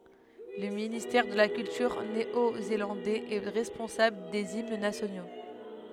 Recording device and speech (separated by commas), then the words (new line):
headset microphone, read sentence
Le ministère de la culture néo-zélandais est responsable des hymnes nationaux.